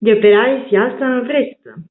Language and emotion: Italian, happy